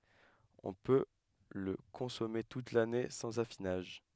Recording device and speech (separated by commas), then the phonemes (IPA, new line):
headset microphone, read sentence
ɔ̃ pø lə kɔ̃sɔme tut lane sɑ̃z afinaʒ